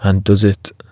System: none